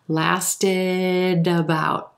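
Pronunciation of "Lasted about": In 'lasted about', the two words are not said separately. The d sound at the end of 'lasted' moves over to the front of 'about', linking the two words.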